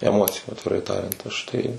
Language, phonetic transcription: Lithuanian, eˈmociju atviˈrai ˈtariant ˈaš tai

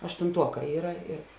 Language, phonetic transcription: Lithuanian, aštunˈtuoˌkā ˈyra ir

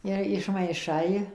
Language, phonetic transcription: Lithuanian, ˈir išmaiˈšai

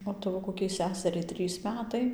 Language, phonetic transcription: Lithuanian, o ˈtavo koˈkiai ˈseseriai ˈtrys ˈmetai

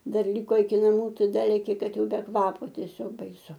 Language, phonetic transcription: Lithuanian, ˈdar ˈliko iki naˈmų ˈtai ˈda leki ˈkad ˈjau be ˈkvapo tieˈsiog baiˈsu

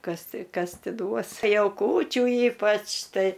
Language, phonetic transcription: Lithuanian, ˈkas ˈti ˈkas ˈti ˈduos ˈjau ˈkūčių ˈypač ˈtai

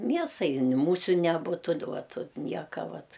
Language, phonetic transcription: Lithuanian, ˈmiesai ni ˈmūsiu neˈbutu d ˈuot ut ˈnieka ˈvat

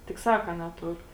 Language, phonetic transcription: Lithuanian, tik ˈsaka neˈtur

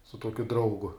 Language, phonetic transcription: Lithuanian, su ˈtuokiu ˈdraugu

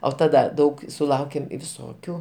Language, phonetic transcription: Lithuanian, o taˈda ˈdaug suˈlaukėm viˈsokių

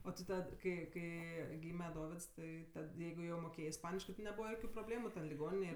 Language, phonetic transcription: Lithuanian, o ti ˈtad kai ˈkai ˈgyme ˈdovids ˈtai tad ˈjeigu jau moˈkėjė isˈpaniškɜ ti neˈbūva ˈjokiu probˈlėmu ten liˈgoninėj

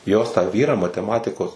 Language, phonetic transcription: Lithuanian, jos tą ˈvyrą mateˈmatikos

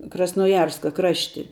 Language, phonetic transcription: Lithuanian, krasnoˈjarska ˈkrašti

